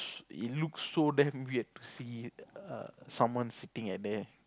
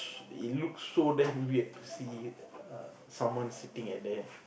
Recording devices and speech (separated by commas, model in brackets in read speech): close-talking microphone, boundary microphone, conversation in the same room